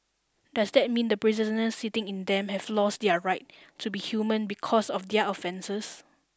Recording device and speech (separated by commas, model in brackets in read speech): standing microphone (AKG C214), read sentence